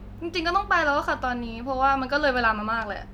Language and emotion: Thai, frustrated